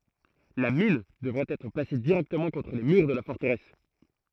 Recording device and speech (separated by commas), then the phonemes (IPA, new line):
throat microphone, read sentence
la min dəvɛt ɛtʁ plase diʁɛktəmɑ̃ kɔ̃tʁ le myʁ də la fɔʁtəʁɛs